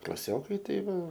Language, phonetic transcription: Lithuanian, klaˈsiokai tai ˈva

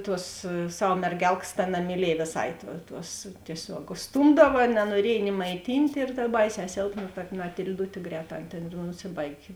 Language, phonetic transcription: Lithuanian, ˈtuos ˈsav merˈgelkas ta namiˈliej vėˈsai tuo tuos tieˈsiog užˈstūmdava nanuoˈriej ni maiˈtynt' ir dar ˈbaiˌsē ˈsėlpna ta matil'ˈdutė ˈgrēˌtā ˈan tėn ir nuˈsibaigė

